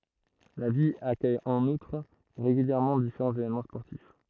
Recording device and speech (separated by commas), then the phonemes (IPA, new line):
throat microphone, read sentence
la vil akœj ɑ̃n utʁ ʁeɡyljɛʁmɑ̃ difeʁɑ̃z evenmɑ̃ spɔʁtif